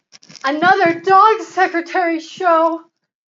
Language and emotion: English, fearful